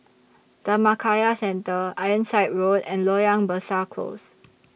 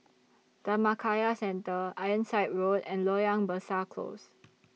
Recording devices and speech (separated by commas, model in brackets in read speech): boundary microphone (BM630), mobile phone (iPhone 6), read sentence